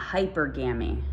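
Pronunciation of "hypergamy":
'Hypergamy' is pronounced incorrectly here.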